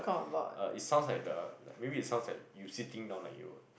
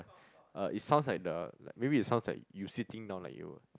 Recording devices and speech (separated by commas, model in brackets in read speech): boundary microphone, close-talking microphone, conversation in the same room